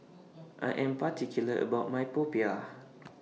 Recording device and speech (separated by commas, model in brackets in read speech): mobile phone (iPhone 6), read sentence